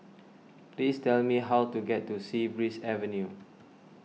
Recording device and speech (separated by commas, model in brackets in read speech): mobile phone (iPhone 6), read sentence